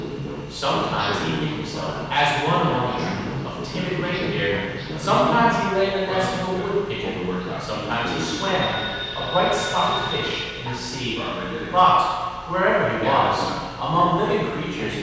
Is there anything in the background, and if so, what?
A television.